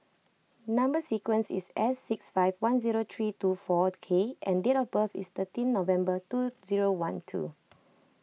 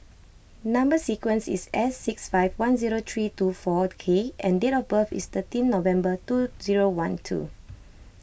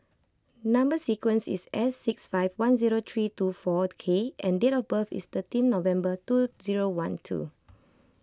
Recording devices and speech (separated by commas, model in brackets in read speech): mobile phone (iPhone 6), boundary microphone (BM630), close-talking microphone (WH20), read sentence